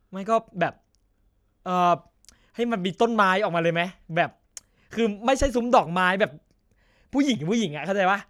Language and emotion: Thai, frustrated